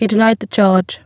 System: VC, spectral filtering